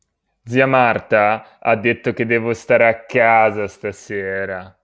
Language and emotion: Italian, sad